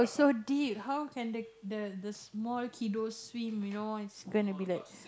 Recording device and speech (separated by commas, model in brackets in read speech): close-talking microphone, conversation in the same room